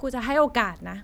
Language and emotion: Thai, frustrated